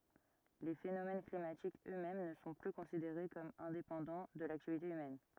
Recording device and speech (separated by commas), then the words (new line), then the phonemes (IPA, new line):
rigid in-ear microphone, read sentence
Les phénomènes climatiques eux-mêmes ne sont plus considérés comme indépendants de l'activité humaine.
le fenomɛn klimatikz ø mɛm nə sɔ̃ ply kɔ̃sideʁe kɔm ɛ̃depɑ̃dɑ̃ də laktivite ymɛn